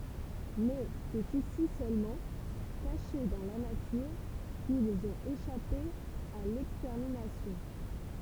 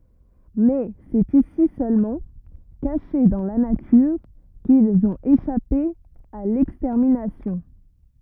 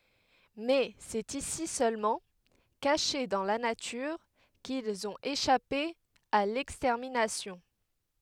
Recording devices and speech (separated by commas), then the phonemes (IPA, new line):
temple vibration pickup, rigid in-ear microphone, headset microphone, read sentence
mɛ sɛt isi sølmɑ̃ kaʃe dɑ̃ la natyʁ kilz ɔ̃t eʃape a lɛkstɛʁminasjɔ̃